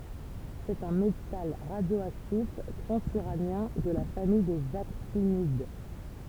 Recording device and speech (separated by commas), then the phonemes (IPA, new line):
temple vibration pickup, read sentence
sɛt œ̃ metal ʁadjoaktif tʁɑ̃zyʁanjɛ̃ də la famij dez aktinid